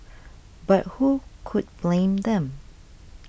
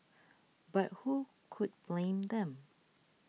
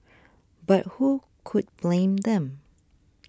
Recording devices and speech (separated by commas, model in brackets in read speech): boundary microphone (BM630), mobile phone (iPhone 6), standing microphone (AKG C214), read sentence